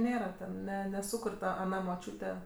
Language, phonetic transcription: Lithuanian, ˈnėra ten ˈne neˈsukur' ˈta aˈna moˈčiūte

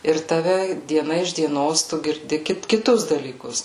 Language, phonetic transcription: Lithuanian, ir taˈve dieˈna iš dieˈnos tu girˈdi ˈkit kiˈtus dalyˈkus

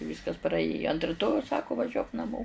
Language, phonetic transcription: Lithuanian, ˈvyskas praˈėjo ant riˈtojaus ˈsaku vaˈžiuok naˈmo

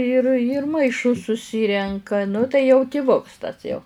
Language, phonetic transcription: Lithuanian, ir yr maiˈšus suˈsirenka nu tai jau tiˈvuks tas jau

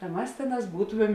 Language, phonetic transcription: Lithuanian, ta ˈmas ˈtėˌnās ˈbūtomem

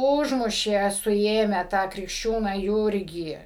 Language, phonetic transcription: Lithuanian, ˈužmušė suˈėmę tą krikšˈčiūną ˈjūrgį

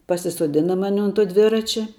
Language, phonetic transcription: Lithuanian, pasisuoˈdina ˈmani un tuo ˈdviračia

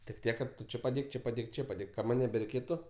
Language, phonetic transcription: Lithuanian, tik ˈtiek kad ˈtu ˈči paˈdėk ˈči paˈdėk ˈči paˈdėk ka ˈman' nebereiˈkėtu

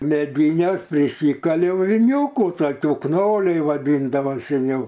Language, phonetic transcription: Lithuanian, meˈdynes priˈsykaliau viˈniūku toˈkių ˈknoliai vaˈdyndavo seˈniau

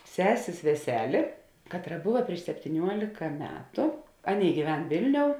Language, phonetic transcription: Lithuanian, ˈsesės veˈselė ˈkatˌra ˈbuva prieš septyˈniuolika ˈmetu ˈaˌnėi gyˈven ˈvėlˌniou

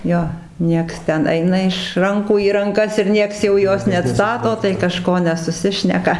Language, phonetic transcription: Lithuanian, ˈjo ˈnieks ˈten ˈaina iš ˈrankų į ranˈkas ir ˈnieks jau ˈjos neatˈstato tai kaˈžko nesuˈsišneka

